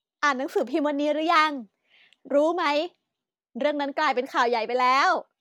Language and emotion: Thai, happy